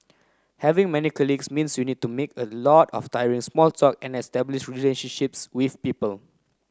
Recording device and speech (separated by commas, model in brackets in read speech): close-talking microphone (WH30), read sentence